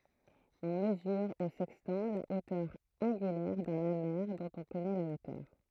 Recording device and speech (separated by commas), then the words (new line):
throat microphone, read sentence
On mesure au sextant la hauteur angulaire d’un amer dont on connaît la hauteur.